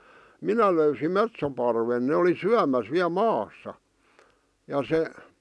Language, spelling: Finnish, minä löysin metsoparven ne oli syömässä vielä maassa ja se
- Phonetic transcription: minä löysim "metsoparven ne oli "syämäs 'viä "maassa , ja 'se ,.

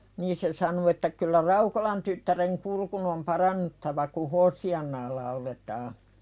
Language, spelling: Finnish, niin se sanoi että kyllä Raukolan tyttären kurkun on parannuttava kun Hoosiannaa lauletaan
- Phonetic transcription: niin se san(u) että » kyllä "Raukolan tyttäreŋ 'kurkun ‿om "parannuttava ku "Hoosi₍annaa lauletaa « .

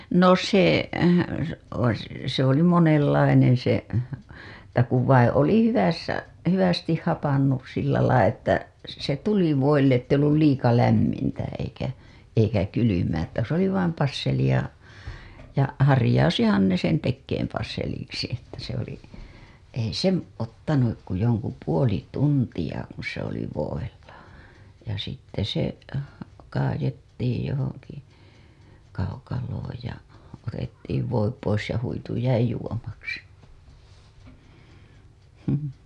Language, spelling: Finnish, no se - se oli monenlainen se että kun vai oli hyvässä hyvästi hapantunut sillä lailla että se tuli voille että ei ollut liian lämmintä eikä eikä kylmää että se oli vain passelia ja harjaantuihan ne sen tekemään passeliksi että se oli ei se ottanut kuin jonkun puoli tuntia kun se oli voilla ja sitten se kaadettiin johonkin kaukaloon ja otettiin voi pois ja huitu jäi juomaksi mm
- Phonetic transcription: no se , o- , se ‿oli monellaineḛ se , että kuv vaiḭ oli 'hyvässä , 'hyvästih 'hapannus sillälai ‿että , se "tuli 'voille ‿tt ‿ei ollul 'liika lämmintä eikä , eikä kylymää ‿ttä se ‿oli 'vaim 'passelija , ja 'harĭjausihan ne sen tekkeem passeliksi että se ‿oli , ei se 'ottanuk ku joŋku 'puoli 'tuntija kuṵ se ‿oli voilla , ja sitte se , kaajettiij johoŋki kaukalooj ja , otettiiv voi pois ja huitu 'jäi juomaksi , həm .

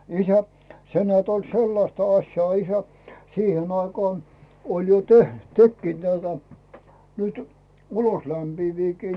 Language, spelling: Finnish, isä se näet oli sellaista asiaa isä siihen aikaan oli jo - tekivät näitä nyt uloslämpiäviäkin
- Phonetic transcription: isä , 'se nᵉäät oĺ "sellasta 'aśjaa isä , 'siihen ‿aikaan , oĺ jo "teh- , "tekkiit näitä , nytʏ , 'ulos'lämpiiviikii .

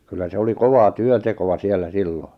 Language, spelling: Finnish, kyllä se oli kovaa työntekoa siellä silloin
- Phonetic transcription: kyllä se 'oli "kovaa 'työntekova 'siellä "sillo .

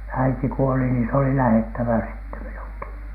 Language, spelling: Finnish, äiti kuoli niin se oli lähdettävä sitten minunkin
- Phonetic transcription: 'äiti kuoli niin s ‿oli "lähettävä sitte 'minuŋki .

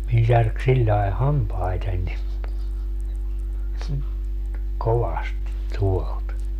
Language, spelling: Finnish, minun särki sillä lailla hampaitani kovasti tuolta
- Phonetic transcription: 'min 'särk siĺĺae "hampaitań , 'kovastit 'tuolt .

